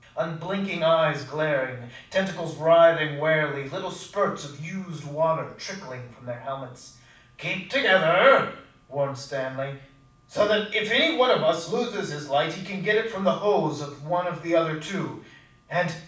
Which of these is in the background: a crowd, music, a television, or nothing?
Nothing.